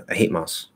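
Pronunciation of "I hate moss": In 'I hate moss', the word 'moths' is said with the th dropped, so it sounds exactly like 'moss'.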